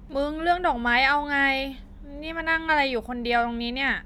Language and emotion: Thai, frustrated